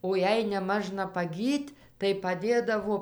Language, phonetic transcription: Lithuanian, o ˈjei neˈmažna paˈgyt' tai paˈdėdavo

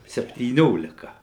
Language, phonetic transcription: Lithuanian, septyˈniolika

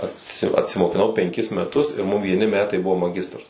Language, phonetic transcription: Lithuanian, atˈsi atsimokiˈnau penˈkis meˈtus ir mum vieˈni ˈmetai ˈbuvo maˈgistras

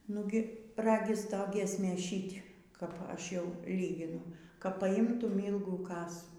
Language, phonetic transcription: Lithuanian, ˈnugi ˈragis ˈto ˈgiesmės ˈšyt' kap ˈaš ˈjau ˈlyginu kap paˈimtum ˈylgų ˈkasų

